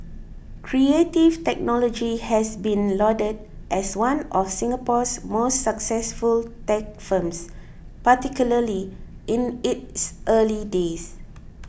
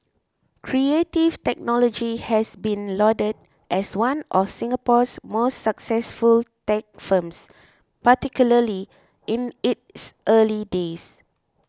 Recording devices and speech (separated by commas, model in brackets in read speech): boundary microphone (BM630), close-talking microphone (WH20), read sentence